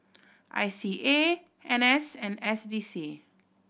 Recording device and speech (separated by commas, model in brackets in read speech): boundary microphone (BM630), read sentence